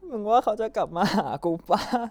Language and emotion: Thai, sad